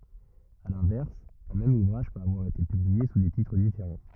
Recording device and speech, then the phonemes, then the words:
rigid in-ear microphone, read sentence
a lɛ̃vɛʁs œ̃ mɛm uvʁaʒ pøt avwaʁ ete pyblie su de titʁ difeʁɑ̃
À l'inverse, un même ouvrage peut avoir été publié sous des titres différents.

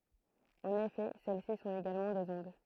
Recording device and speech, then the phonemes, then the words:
throat microphone, read sentence
ɑ̃n efɛ sɛlɛsi sɔ̃t eɡalmɑ̃ dez ɔ̃d
En effet, celles-ci sont également des ondes.

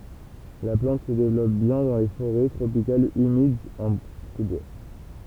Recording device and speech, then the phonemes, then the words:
temple vibration pickup, read sentence
la plɑ̃t sə devlɔp bjɛ̃ dɑ̃ le foʁɛ tʁopikalz ymidz ɑ̃ su bwa
La plante se développe bien dans les forêts tropicales humides, en sous-bois.

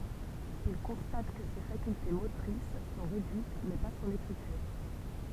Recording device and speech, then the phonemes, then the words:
temple vibration pickup, read sentence
il kɔ̃stat kə se fakylte motʁis sɔ̃ ʁedyit mɛ pa sɔ̃n ekʁityʁ
Il constate que ses facultés motrices sont réduites, mais pas son écriture.

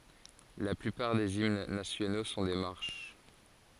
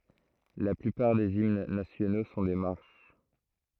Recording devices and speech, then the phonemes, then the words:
forehead accelerometer, throat microphone, read sentence
la plypaʁ dez imn nasjono sɔ̃ de maʁʃ
La plupart des hymnes nationaux sont des marches.

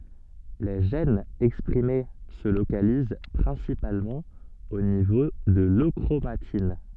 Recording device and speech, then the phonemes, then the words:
soft in-ear microphone, read sentence
le ʒɛnz ɛkspʁime sə lokaliz pʁɛ̃sipalmɑ̃ o nivo də løkʁomatin
Les gènes exprimés se localisent principalement au niveau de l'euchromatine.

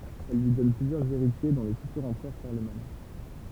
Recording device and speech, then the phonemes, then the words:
temple vibration pickup, read sentence
ɛl lyi dɔn plyzjœʁz eʁitje dɔ̃ lə fytyʁ ɑ̃pʁœʁ ʃaʁləmaɲ
Elle lui donne plusieurs héritiers dont le futur empereur Charlemagne.

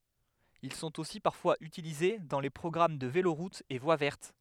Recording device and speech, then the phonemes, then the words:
headset microphone, read sentence
il sɔ̃t osi paʁfwaz ytilize dɑ̃ le pʁɔɡʁam də veloʁutz e vwa vɛʁt
Ils sont aussi parfois utilisés dans les programmes de véloroutes et voies vertes.

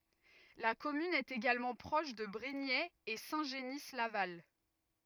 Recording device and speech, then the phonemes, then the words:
rigid in-ear microphone, read sentence
la kɔmyn ɛt eɡalmɑ̃ pʁɔʃ də bʁiɲɛz e sɛ̃ ʒəni laval
La commune est également proche de Brignais et Saint-Genis-Laval.

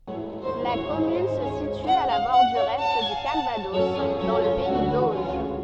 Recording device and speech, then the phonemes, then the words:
soft in-ear microphone, read sentence
la kɔmyn sə sity a la bɔʁdyʁ ɛ dy kalvadɔs dɑ̃ lə pɛi doʒ
La commune se situe à la bordure est du Calvados, dans le pays d'Auge.

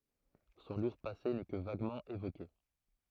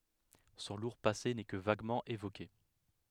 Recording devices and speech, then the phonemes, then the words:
throat microphone, headset microphone, read sentence
sɔ̃ luʁ pase nɛ kə vaɡmɑ̃ evoke
Son lourd passé n'est que vaguement évoqué.

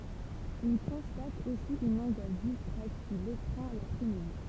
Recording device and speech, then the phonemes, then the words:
temple vibration pickup, read sentence
il kɔ̃stat osi yn ɑ̃ɡwas diskʁɛt ki letʁɛ̃ lapʁɛsmidi
Il constate aussi une angoisse discrète qui l’étreint l’après-midi.

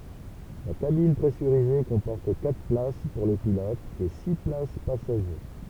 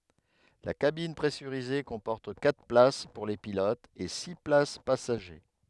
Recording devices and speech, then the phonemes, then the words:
temple vibration pickup, headset microphone, read sentence
la kabin pʁɛsyʁize kɔ̃pɔʁt katʁ plas puʁ le pilotz e si plas pasaʒe
La cabine pressurisée comporte quatre places pour les pilotes et six places passager.

